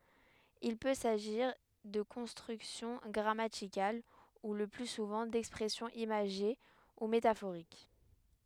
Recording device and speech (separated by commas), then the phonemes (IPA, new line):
headset microphone, read sentence
il pø saʒiʁ də kɔ̃stʁyksjɔ̃ ɡʁamatikal u lə ply suvɑ̃ dɛkspʁɛsjɔ̃z imaʒe u metafoʁik